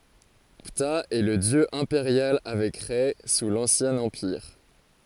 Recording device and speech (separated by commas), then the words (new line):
forehead accelerometer, read sentence
Ptah est le dieu impérial avec Rê sous l'Ancien Empire.